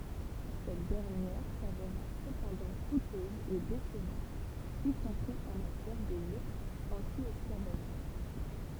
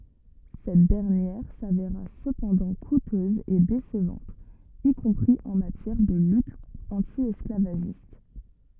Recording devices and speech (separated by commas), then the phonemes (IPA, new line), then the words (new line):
temple vibration pickup, rigid in-ear microphone, read sentence
sɛt dɛʁnjɛʁ saveʁa səpɑ̃dɑ̃ kutøz e desəvɑ̃t i kɔ̃pʁi ɑ̃ matjɛʁ də lyt ɑ̃tjɛsklavaʒist
Cette dernière s'avéra cependant coûteuse et décevante, y compris en matière de lutte anti-esclavagiste.